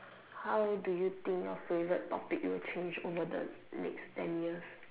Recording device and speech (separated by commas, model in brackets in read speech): telephone, conversation in separate rooms